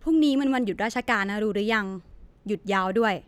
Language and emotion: Thai, neutral